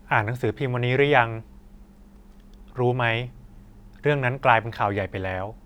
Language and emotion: Thai, neutral